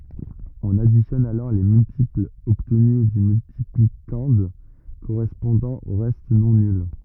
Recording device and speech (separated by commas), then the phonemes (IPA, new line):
rigid in-ear microphone, read sentence
ɔ̃n aditjɔn alɔʁ le myltiplz ɔbtny dy myltiplikɑ̃d koʁɛspɔ̃dɑ̃ o ʁɛst nɔ̃ nyl